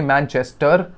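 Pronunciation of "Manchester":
'Manchester' is pronounced incorrectly here.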